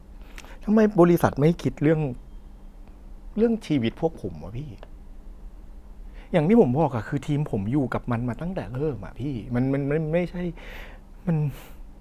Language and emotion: Thai, frustrated